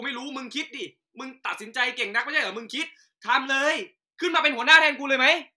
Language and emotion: Thai, angry